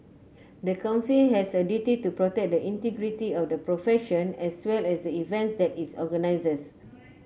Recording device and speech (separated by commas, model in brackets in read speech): mobile phone (Samsung C9), read sentence